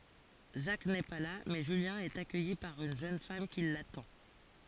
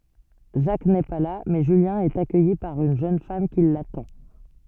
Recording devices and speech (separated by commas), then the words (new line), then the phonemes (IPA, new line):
forehead accelerometer, soft in-ear microphone, read sentence
Jacques n'est pas là, mais Julien est accueilli par une jeune femme qui l'attend.
ʒak nɛ pa la mɛ ʒyljɛ̃ ɛt akœji paʁ yn ʒøn fam ki latɑ̃